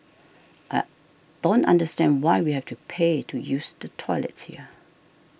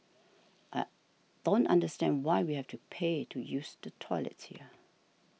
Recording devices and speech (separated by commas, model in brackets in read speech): boundary microphone (BM630), mobile phone (iPhone 6), read sentence